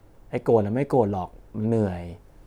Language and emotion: Thai, frustrated